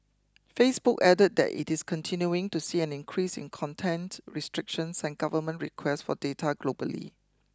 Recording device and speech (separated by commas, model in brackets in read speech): close-talking microphone (WH20), read sentence